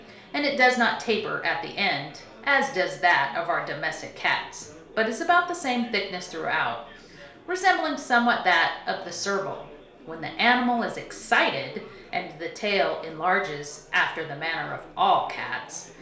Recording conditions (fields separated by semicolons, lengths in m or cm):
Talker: one person; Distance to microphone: 1.0 m; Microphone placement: close; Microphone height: 1.1 m; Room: small (3.7 m by 2.7 m); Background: babble